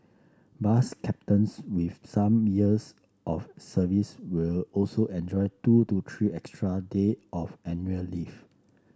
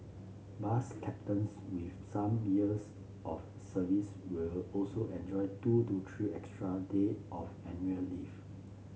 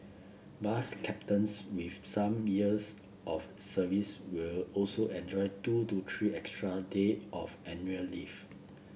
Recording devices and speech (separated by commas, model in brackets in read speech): standing microphone (AKG C214), mobile phone (Samsung C7), boundary microphone (BM630), read sentence